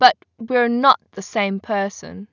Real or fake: real